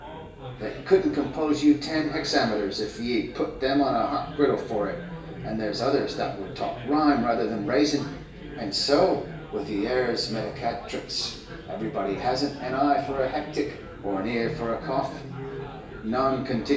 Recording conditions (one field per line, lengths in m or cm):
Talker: one person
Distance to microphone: 1.8 m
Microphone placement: close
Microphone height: 1.0 m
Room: large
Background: babble